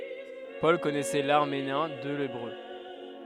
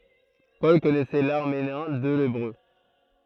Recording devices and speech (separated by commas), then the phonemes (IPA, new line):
headset microphone, throat microphone, read sentence
pɔl kɔnɛsɛ laʁameɛ̃ e lebʁø